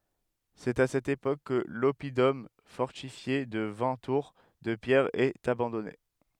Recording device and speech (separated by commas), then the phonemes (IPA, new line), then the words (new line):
headset microphone, read sentence
sɛt a sɛt epok kə lɔpidɔm fɔʁtifje də vɛ̃ tuʁ də pjɛʁ ɛt abɑ̃dɔne
C'est à cette époque que l'oppidum fortifié de vingt tours de pierre est abandonné.